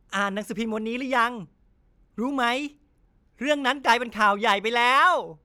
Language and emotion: Thai, happy